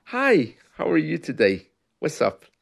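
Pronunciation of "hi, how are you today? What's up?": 'Hi, how are you today? What's up?' is said in a friendly, happy way, with a big smile.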